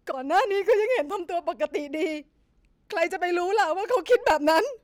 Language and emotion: Thai, sad